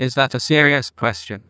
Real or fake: fake